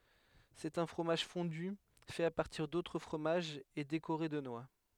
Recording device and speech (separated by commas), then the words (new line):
headset microphone, read sentence
C'est un fromage fondu, fait à partir d'autres fromages et décoré de noix.